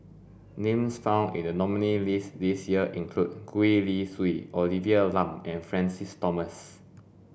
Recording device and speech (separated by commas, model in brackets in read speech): boundary microphone (BM630), read sentence